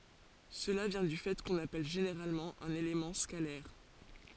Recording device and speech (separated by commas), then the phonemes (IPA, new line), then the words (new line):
forehead accelerometer, read sentence
səla vjɛ̃ dy fɛ kɔ̃n apɛl ʒeneʁalmɑ̃ œ̃n elemɑ̃ skalɛʁ
Cela vient du fait qu'on appelle généralement un élément scalaire.